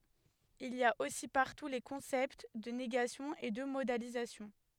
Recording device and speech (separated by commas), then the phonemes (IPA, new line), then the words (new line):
headset microphone, read sentence
il i a osi paʁtu le kɔ̃sɛpt də neɡasjɔ̃ e də modalizasjɔ̃
Il y a aussi partout les concepts de négation et de modalisation.